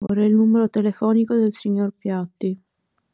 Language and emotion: Italian, sad